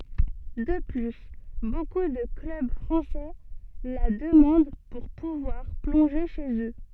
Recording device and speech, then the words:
soft in-ear microphone, read sentence
De plus, beaucoup de clubs français la demandent pour pouvoir plonger chez eux.

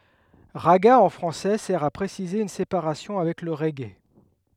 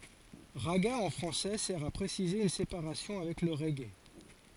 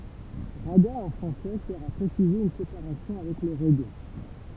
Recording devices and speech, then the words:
headset microphone, forehead accelerometer, temple vibration pickup, read sentence
Ragga en français sert à préciser une séparation avec le reggae.

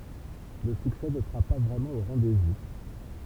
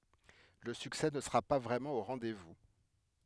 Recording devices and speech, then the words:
temple vibration pickup, headset microphone, read sentence
Le succès ne sera pas vraiment au rendez-vous.

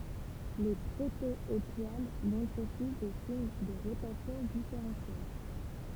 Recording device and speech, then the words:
temple vibration pickup, read sentence
Les proto-étoiles montrent aussi des signes de rotation différentielle.

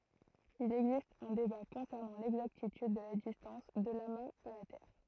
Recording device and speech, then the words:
throat microphone, read sentence
Il existe un débat concernant l'exactitude de la distance de l'amas à la Terre.

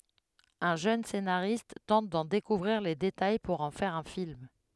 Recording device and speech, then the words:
headset microphone, read sentence
Un jeune scénariste tente d'en découvrir les détails pour en faire un film.

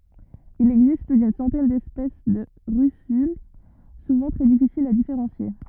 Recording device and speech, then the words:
rigid in-ear microphone, read sentence
Il existe plus d'une centaine d'espèces de russules, souvent très difficiles à différencier.

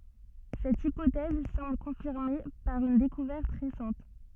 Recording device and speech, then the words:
soft in-ear microphone, read sentence
Cette hypothèse semble confirmée par une découverte récente.

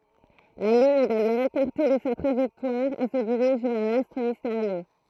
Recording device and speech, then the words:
throat microphone, read sentence
La Lune est d'ailleurs écartée de sa trajectoire et se dirige vers l'astre mystérieux.

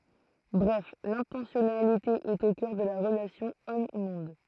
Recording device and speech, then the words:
throat microphone, read sentence
Bref l'intentionnalité est au cœur de la relation homme-monde.

